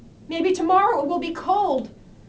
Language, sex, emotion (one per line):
English
female
fearful